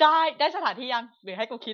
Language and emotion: Thai, frustrated